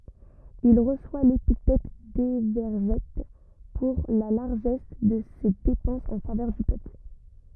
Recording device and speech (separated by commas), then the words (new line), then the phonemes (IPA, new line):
rigid in-ear microphone, read sentence
Il reçoit l'épithète d'Évergète pour la largesse de ses dépenses en faveur du peuple.
il ʁəswa lepitɛt devɛʁʒɛt puʁ la laʁʒɛs də se depɑ̃sz ɑ̃ favœʁ dy pøpl